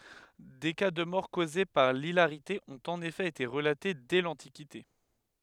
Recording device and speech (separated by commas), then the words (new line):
headset microphone, read sentence
Des cas de mort causée par l'hilarité ont en effet été relatés dès l'antiquité.